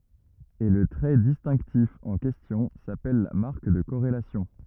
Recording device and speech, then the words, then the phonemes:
rigid in-ear microphone, read sentence
Et le trait distinctif en question s'appelle la marque de corrélation.
e lə tʁɛ distɛ̃ktif ɑ̃ kɛstjɔ̃ sapɛl la maʁk də koʁelasjɔ̃

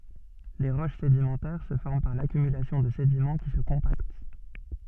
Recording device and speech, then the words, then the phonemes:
soft in-ear microphone, read sentence
Les roches sédimentaires se forment par l'accumulation de sédiments qui se compactent.
le ʁoʃ sedimɑ̃tɛʁ sə fɔʁm paʁ lakymylasjɔ̃ də sedimɑ̃ ki sə kɔ̃pakt

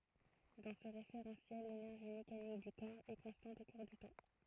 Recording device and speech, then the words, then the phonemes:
throat microphone, read sentence
Dans ce référentiel l'énergie mécanique du corps est constante au cours du temps.
dɑ̃ sə ʁefeʁɑ̃sjɛl lenɛʁʒi mekanik dy kɔʁ ɛ kɔ̃stɑ̃t o kuʁ dy tɑ̃

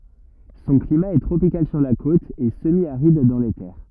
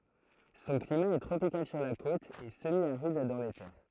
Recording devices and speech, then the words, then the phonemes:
rigid in-ear microphone, throat microphone, read sentence
Son climat est tropical sur la côte, et semi-aride dans les terres.
sɔ̃ klima ɛ tʁopikal syʁ la kot e səmjaʁid dɑ̃ le tɛʁ

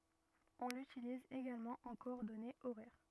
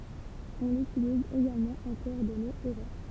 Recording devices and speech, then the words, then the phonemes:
rigid in-ear microphone, temple vibration pickup, read sentence
On l’utilise également en coordonnées horaires.
ɔ̃ lytiliz eɡalmɑ̃ ɑ̃ kɔɔʁdɔnez oʁɛʁ

